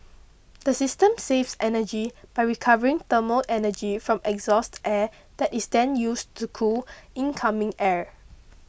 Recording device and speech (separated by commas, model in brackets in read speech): boundary microphone (BM630), read sentence